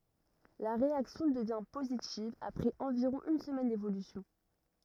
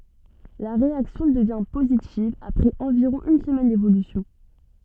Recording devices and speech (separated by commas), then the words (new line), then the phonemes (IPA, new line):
rigid in-ear microphone, soft in-ear microphone, read sentence
La réaction devient positive après environ une semaine d'évolution.
la ʁeaksjɔ̃ dəvjɛ̃ pozitiv apʁɛz ɑ̃viʁɔ̃ yn səmɛn devolysjɔ̃